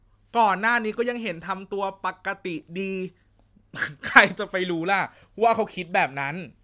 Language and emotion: Thai, happy